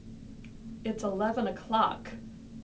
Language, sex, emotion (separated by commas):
English, female, neutral